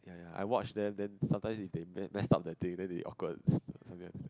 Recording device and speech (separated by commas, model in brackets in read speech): close-talking microphone, conversation in the same room